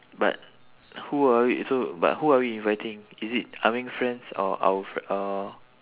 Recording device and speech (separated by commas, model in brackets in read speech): telephone, conversation in separate rooms